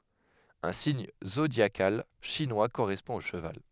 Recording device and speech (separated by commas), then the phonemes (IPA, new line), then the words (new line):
headset microphone, read sentence
œ̃ siɲ zodjakal ʃinwa koʁɛspɔ̃ o ʃəval
Un signe zodiacal chinois correspond au cheval.